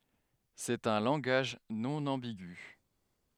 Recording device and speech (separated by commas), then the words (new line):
headset microphone, read sentence
C'est un langage non ambigu.